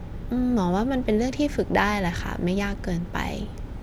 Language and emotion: Thai, neutral